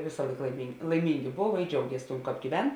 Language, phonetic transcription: Lithuanian, ˈvėsa ˈlaik laiming laiˈmingi ˈbov i ˈdžiaugies tuom ˈkāp gyˈven

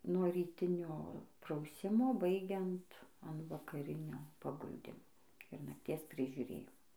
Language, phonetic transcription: Lithuanian, nuo ryˈtinio prauˈsimo ˈbaigiant an vakaˈrinio paˈguldimo ir nakties prižiuˈrėjimo

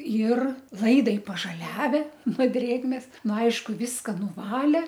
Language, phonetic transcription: Lithuanian, ir ˈlaidai pažaˈliave no ˈdrėgmės ˈnu ˈaišku ˈviska nuˈvalė

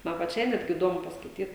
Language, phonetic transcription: Lithuanian, ˈman paˈčiai ˈnetgi iˈdomu paskaiˈtyt

